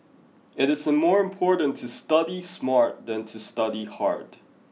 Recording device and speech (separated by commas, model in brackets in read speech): mobile phone (iPhone 6), read sentence